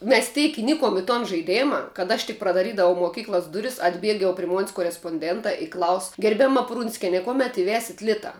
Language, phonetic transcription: Lithuanian, mes ˈteik iˈnikom i ton žaiˈdėma kad ˈaš tik pradaˈrydavau moˈkyklas ˈduris atˈbieg jau pri mon's' koresponˈdentā i klaus gerbiaˈma ˈprunskene ˈkuomet iˈvesit ˈlita

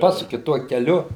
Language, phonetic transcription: Lithuanian, ˈpasuki ˈtuo keˈliu

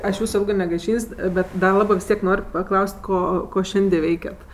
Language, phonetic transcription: Lithuanian, ˈaš ˈjūsu ˈilgɜ negaiˈšyn's' ˈbet da ˈlabɜ vis ˈtiek ˈnor' paˈklaus't' ˈko ˈko ˈšiandi ˈveikiat

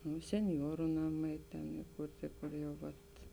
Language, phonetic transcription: Lithuanian, nu senˈjuoru ˈnaˌmai ten iˈkurti kur jau ˈvat

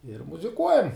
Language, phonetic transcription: Lithuanian, ir muziˈkuojam

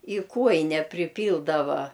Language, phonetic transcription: Lithuanian, i ˈkuojine priˈpyldava

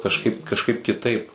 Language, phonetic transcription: Lithuanian, kažˈkaip kažˈkaip kiˈtaip

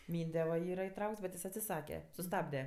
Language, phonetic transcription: Lithuanian, ˈmynde va ˈyra iˈtraukts bet ˈjis atsiˈsake suˈstabde

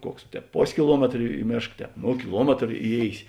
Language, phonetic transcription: Lithuanian, ˈkuoks ˈtēp ˈpos' kiˈluometr i ˈmėšk ˈtēp ˈno kiˈluometr iˈjėisi

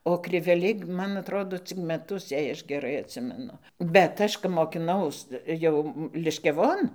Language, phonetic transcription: Lithuanian, o kriveˈliai ˈman atˈrodo ˈcik meˈtus jei ˈaš geˈrai atˈsimenu bet ˈaš kap mokiˈnaus ˈjau liškiaˈvon

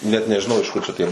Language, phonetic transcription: Lithuanian, ˈnet nežiˈnau iš ˈkur čia ˈtie

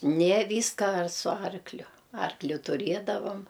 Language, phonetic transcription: Lithuanian, nė ˈvyska ar su ˈarkliu ˈarkliu tuˈrėdavam

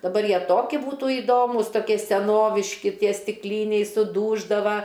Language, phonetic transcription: Lithuanian, daˈbar ˈjie ˈtoki ˈbūtu įˈdomus toˈkie seˈnoviški ˈtie stikˈlyniai suˈdūždava

